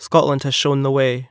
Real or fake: real